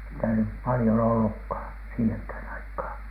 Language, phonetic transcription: Finnish, sitä nyp 'palⁱjon ollukhàn , 'siiheŋkhä̀n 'aikhàn .
- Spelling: sitä nyt paljon ollutkaan siihenkään aikaan

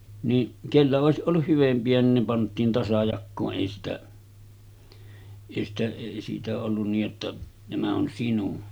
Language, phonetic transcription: Finnish, ni , 'kellä òesiˀ ˀolluh 'hyvempi₍ä nin ne 'pant̆tiin 'tasajakkoo’ ’èi sitä , èi sitä èi siitä ollun niij jotta , » 'nämä on "sinun « .
- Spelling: niin kenellä olisi ollut hyvempiä niin ne pantiin tasajakoon ei sitä ei sitä ei siitä ollut niin jotta nämä on sinun

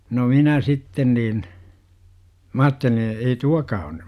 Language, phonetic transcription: Finnish, no 'minä 'sitten niin , 'm ‿aatteliḭ ei "tuakaa on ny .
- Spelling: no minä sitten niin minä ajattelin ei tuokaan ole nyt

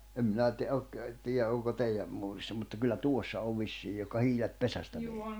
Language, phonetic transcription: Finnish, em minä ti- ok , tiiʲä ’oŋko 'teiʲä , muurissa mutta kyllä "tuossa ov 'vissii johka 'hiilet "pesästä vee- ...
- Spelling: en minä - ole tiedä onko teidän muurissa mutta kyllä tuossa on vissiin johon hiilet pesästä -

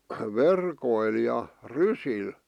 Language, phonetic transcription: Finnish, verkoil ja , "rysil .
- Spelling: verkoilla ja rysillä

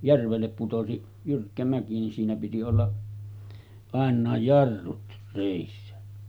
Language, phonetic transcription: Finnish, 'järvellep putosi , 'jyrkkä mäki nin 'siinä piti olla , 'àen̆nàej 'jarrut rèissä .
- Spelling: järvelle putosi jyrkkä mäki niin siinä piti olla ainakin jarrut reessä

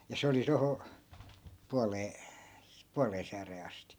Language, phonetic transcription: Finnish, ja 'se oli 'toho , 'pualee , 'pualee sääree 'asti .
- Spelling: ja se oli tuohon puoleen puoleen sääreen asti

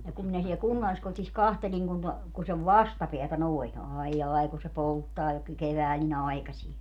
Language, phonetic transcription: Finnish, ja 'kum minä siel "kunnalliskotis 'kahteĺiŋ kun to- , ku sev "vastapeätä noi̮n , 'aijjài̮ ku se "polttaa jo ky - 'kevääl ni"n ‿ai̮kasie .
- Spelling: ja kun minä siellä kunnalliskodissa katselin kun - kun sen vastapäätä noin aijai kun se polttaa jo - keväällä niin aikaiseen

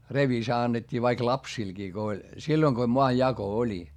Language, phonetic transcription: Finnish, revisa annet́t́ii vaik lapsilGii ko oĺ , silloⁱŋ ko moajjako oĺi .
- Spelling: revisa annettiin vaikka lapsillekin kun oli silloin kun maanjako oli

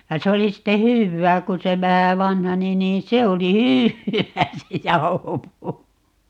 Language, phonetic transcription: Finnish, ja 'se oli 'sitte "hyvvää kun se 'vähä "vanhani niin "se oli "hyywwää se "jaohopuu(ro) .
- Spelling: ja se oli sitten hyvää kun se vähän vanheni niin se oli hyvää se jauhopuuro

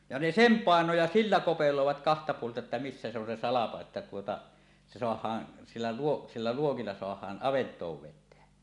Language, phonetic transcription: Finnish, ja ne "sem 'pàeno ja "sillä 'kopelòevat kahta puolta että 'missä se ‿on se "salako että tuota , 'se 'soah̀aan , sillä luo- , sillä luokilla soah̀aan 'ˀavent̀oov 'vet̆teä .
- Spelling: ja ne sen painoi ja sillä kopeloivat kahta puolta että missä se on se salko että tuota se saadaan sillä - sillä luokilla saadaan avantoon vettä

